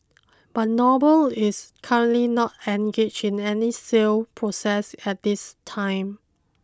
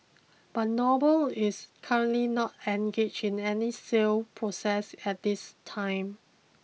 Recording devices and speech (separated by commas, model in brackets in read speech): close-talking microphone (WH20), mobile phone (iPhone 6), read sentence